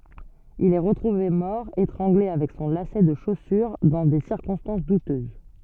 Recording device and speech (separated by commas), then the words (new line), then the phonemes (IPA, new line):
soft in-ear microphone, read sentence
Il est retrouvé mort, étranglé avec son lacet de chaussure dans des circonstances douteuses.
il ɛ ʁətʁuve mɔʁ etʁɑ̃ɡle avɛk sɔ̃ lasɛ də ʃosyʁ dɑ̃ de siʁkɔ̃stɑ̃s dutøz